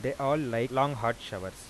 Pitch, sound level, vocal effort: 120 Hz, 90 dB SPL, normal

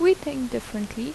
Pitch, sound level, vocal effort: 255 Hz, 80 dB SPL, normal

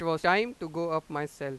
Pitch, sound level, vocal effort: 160 Hz, 96 dB SPL, very loud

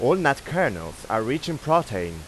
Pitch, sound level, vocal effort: 110 Hz, 93 dB SPL, loud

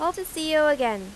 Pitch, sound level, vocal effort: 305 Hz, 94 dB SPL, loud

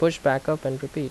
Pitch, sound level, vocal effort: 140 Hz, 82 dB SPL, normal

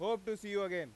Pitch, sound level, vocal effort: 205 Hz, 100 dB SPL, very loud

